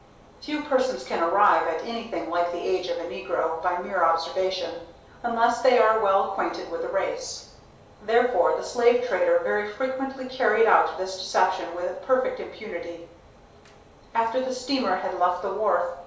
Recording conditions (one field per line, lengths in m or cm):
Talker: one person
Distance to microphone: 3.0 m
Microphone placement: far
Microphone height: 1.8 m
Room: small (3.7 m by 2.7 m)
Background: none